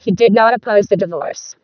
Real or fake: fake